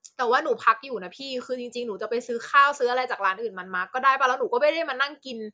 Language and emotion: Thai, frustrated